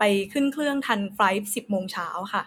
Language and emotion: Thai, neutral